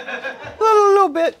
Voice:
high pitched